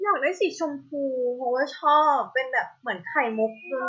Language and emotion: Thai, happy